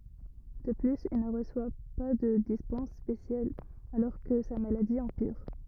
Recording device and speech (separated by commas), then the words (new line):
rigid in-ear microphone, read sentence
De plus, il ne reçoit pas de dispense spéciale alors que sa maladie empire.